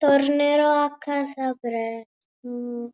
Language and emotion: Italian, sad